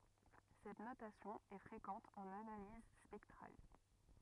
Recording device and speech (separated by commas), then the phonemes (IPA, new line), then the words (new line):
rigid in-ear microphone, read sentence
sɛt notasjɔ̃ ɛ fʁekɑ̃t ɑ̃n analiz spɛktʁal
Cette notation est fréquente en analyse spectrale.